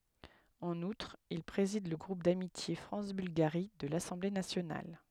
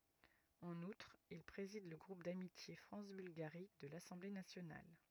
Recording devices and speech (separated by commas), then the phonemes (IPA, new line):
headset microphone, rigid in-ear microphone, read sentence
ɑ̃n utʁ il pʁezid lə ɡʁup damitje fʁɑ̃s bylɡaʁi də lasɑ̃ble nasjonal